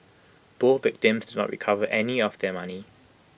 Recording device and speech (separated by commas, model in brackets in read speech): boundary microphone (BM630), read sentence